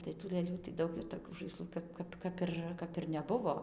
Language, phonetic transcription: Lithuanian, tai tų lɘˈlių tai ˈdaug ir toˈkių žaiˈslų ˈkap ˈkap ˈkap ir ˈkap ir neˈbuvo

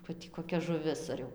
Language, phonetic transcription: Lithuanian, va ˈtį koˈkia žuˈvis ar ˈjau

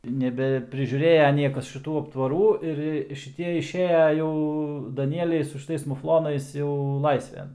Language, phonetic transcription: Lithuanian, nebeprižiūˈrėja ˈniekas šiˈtų aptvaˈrų ir ˈjie šiˈtie išˈėja ˈjau daˈnieliai su šiˈtais mufˈlonais jau ˈlaisven

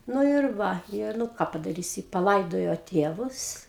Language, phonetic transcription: Lithuanian, ˈnu ir ˈva ir nu ˈką padaˈrysi paˈlaidojo ˈtėvus

